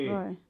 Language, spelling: Finnish, vai
- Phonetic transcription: 'vai ?

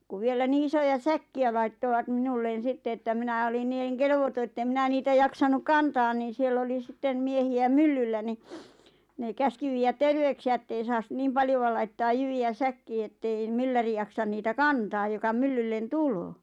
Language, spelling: Finnish, kun vielä niin isoja säkkejä laittoivat minulle sitten että minä olin niin - kelvoton että en minä niitä jaksanut kantaa niin siellä oli sitten miehiä myllyllä niin ne käski viedä terveyksiä että ei saa niin paljoa laittaa jyviä säkkiin että ei mylläri jaksa niitä kantaa joka myllylle tulee
- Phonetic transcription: 'kuv vielä 'nii isoja "säkki₍ä laittoʷat 'minullen̬ 'sitte että 'minä olin nii₍ᵉŋ 'kelʿᵉʾ voto ettem 'mⁱnä niitä 'jaksanuk "kantaan niin̬ 'siell ‿oli 'sitten 'miehi₍ä "myl-lyllä ni , nè "käski viijät 'terveyksi₍ä ᵉttei saas 'niim "paljova 'laittaaj 'jyvi₍ä 'säkkii ettei , 'mylläri jaksan 'niitä "kantaaj joka 'myllyllen "tuloo .

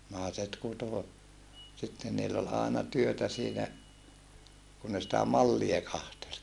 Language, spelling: Finnish, naiset kutoi sitten niillä oli aina työtä siinä kun ne sitä mallia katseli
- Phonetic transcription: nàeset kuto , sitten niill ‿ol àena työtä siinä , kun ne sitä mallie kahtel .

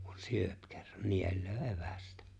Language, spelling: Finnish, kun syö kerran nielee evästä
- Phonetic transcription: kᴜɴ 'syöp kerran , 'niel̆löö "’evästᴀ̈ .

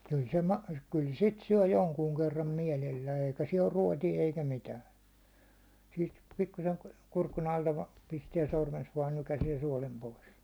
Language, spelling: Finnish, kyllä se - kyllä sitä syö jonkun kerran mielellään eikä siellä ole ruotoa eikä mitään siitä pikkuisen kurkun alta vain pistää sormensa vain nykäisee suolen pois
- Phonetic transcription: 'kyl se ma- , kyl 'sit 'syäₒ "joŋkuuŋ kerram 'mielellää eikä siɛl ‿or 'ruåtie eikä "mitään̬ , siit 'pikkusen , kurkun alta vᴀᴀ 'pistiɛ 'sormens vaan 'nykäsiɛ 'suålem 'pois .

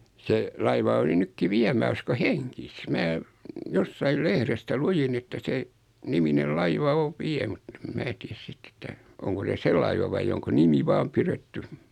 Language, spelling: Finnish, se laiva oli nytkin vielä minä uskon hengissä minä jossakin lehdestä luin että sen niminen laiva on vielä mutta en minä tiedä sitten että onko se se laiva vai onko nimi vain pidetty
- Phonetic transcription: 'se , 'laiva oli 'nykki "viä mä 'usko "heŋkis 'mä , 'jossail "lehrestä 'lujin että 'se , niminel 'laiva 'oᵛ "viɛ mut ᵉᵐ 'mää tiäs 'sitt ‿että , oŋko 'se "se laiva vai oŋko 'nimi "vaam piretty .

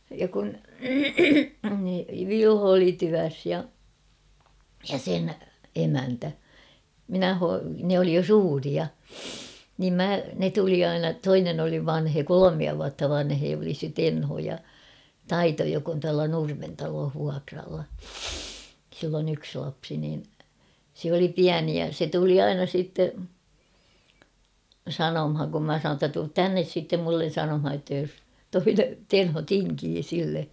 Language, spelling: Finnish, ja kun Vilho oli työssä ja ja sen emäntä minä - ne oli jo suuria niin minä ne tuli aina toinen oli vanhempi kolmea vuotta vanhempi oli se Tenho ja Taito joka on tuolla Nurmen talossa vuokralla sillä on yksi lapsi niin se oli pieni ja se tuli aina sitten sanomaan kun minä sanoin että tule tänne sitten minulle sanomaan jotta jos toinen Tenho tinkii sille
- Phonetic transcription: ja kun , "Vilho oli 'tyäs ja , ja 'sen 'emäntä , "minä ho- nᵉ ‿oli jo "suuria , niim 'mä , ne tuli 'aina , "toinen ‿oli 'vanhee "kolomia vuatta 'vanhee oli se "Tenho ja , "Taito jok ‿on tuala 'Nurmen talooh 'vuakralla , sill ‿on ‿yks lapsi niin , sᵉ ‿oli "piäni ja se tuli "aina sìtte , "sanomhaŋ kum mä sanoon ‿ttä tuut "tännes sittem mullen̬ 'sanomha ʲotta jos , 'toine , "Tenho "tiŋkii sille .

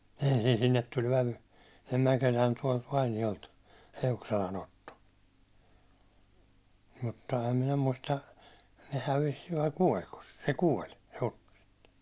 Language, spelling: Finnish, ensin sinne tuli vävy sinne Mäkelään tuolta Vainiolta Eukselan Otto mutta en minä muista ne hävisi vai kuolikos se se kuoli hukkasi itsensä
- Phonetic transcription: ensin sinnet tuĺ vävy , sin̆ne 'Mäkeĺään tuålt 'Vainijolt , 'Eukselan ‿Otto mutta em minä 'muista , ne 'hävis vai 'kuoĺkos se , se "kuoĺ (hukkas ittensä) .

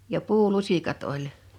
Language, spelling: Finnish, ja puulusikat oli
- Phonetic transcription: ja 'puu'lusikat oĺ .

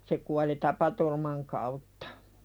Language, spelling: Finnish, se kuoli tapaturman kautta
- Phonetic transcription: se kuali "tapaturman kauttᴀ .

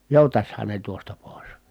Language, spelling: Finnish, joutaisihan ne tuosta pois
- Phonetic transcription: jòutashan ne tuosta pòi̮s .

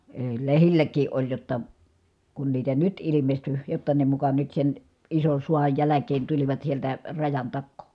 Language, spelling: Finnish, ei lehdilläkin oli jotta kun niitä nyt ilmestyi jotta ne muka nyt sen ison sodan jälkeen tulivat sieltä rajan takaa
- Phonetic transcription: èi̮ , lehilläk̀ii ʼoĺ jotta , kun niitä nyt ilimesty , jotta ne muka nyt sen , ison̬ suaj jäläk̀een tulivat sieltä , rajan takkoo .

